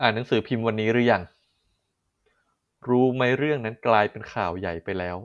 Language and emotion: Thai, neutral